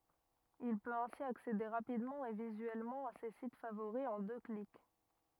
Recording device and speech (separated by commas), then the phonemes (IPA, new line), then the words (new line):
rigid in-ear microphone, read sentence
il pøt ɛ̃si aksede ʁapidmɑ̃ e vizyɛlmɑ̃ a se sit favoʁi ɑ̃ dø klik
Il peut ainsi accéder rapidement et visuellement à ses sites favoris en deux clics.